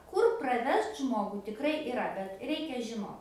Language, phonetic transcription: Lithuanian, ˈkur praˈvest ˈžmogu tikˈrai iˈra bet ˈreikia žiˈnot

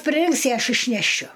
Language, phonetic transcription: Lithuanian, priˈrinks i ˈaš išneˈšiu

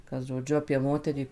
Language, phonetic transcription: Lithuanian, kad žoˈdžiu apie ˈmoterį

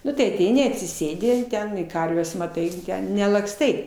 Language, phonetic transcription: Lithuanian, ˈnu tai aˈteini atsiˈsėdi ten i ˈkarves maˈtai nelakˈstai

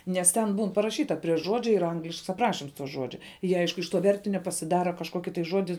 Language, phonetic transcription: Lithuanian, nes ˈten ˈbūn paraˈšyta prie ˈžuodžia yr ˈanglišks apˈrašims ˈžuodžia ˈjie ˈaišku iš to ˈvertinio pasiˈdara kažˈkuoki tai ˈžuodi

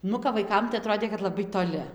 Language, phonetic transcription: Lithuanian, ˈnu kap vaiˈkam tai aˈtrodė kad laˈbai toˈli

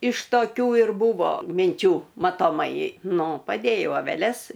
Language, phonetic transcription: Lithuanian, iš toˈkių ir ˈbūvo minˈčių matoˈmai ˈnu paˈdėjau aveˈles

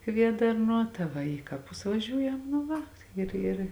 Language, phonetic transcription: Lithuanian, ˈkviedarˌnuo ta ˈva ˈį kaˌpus vaˈžiūjam nu ˈva ˈir ir

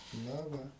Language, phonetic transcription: Lithuanian, ˈna ˈva

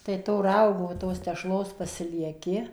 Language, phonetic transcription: Lithuanian, tai to ˈraugo ˈtos tešˈlos pasilieˈki

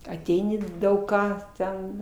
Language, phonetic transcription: Lithuanian, aˈteini ˈdaug ˈką ˈten

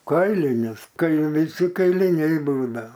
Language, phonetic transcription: Lithuanian, ˈkailinius ˈkai viˈsi kailiˈniai ˈbūdao

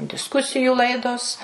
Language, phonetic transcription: Lithuanian, disˈkusijų ˈlaidos

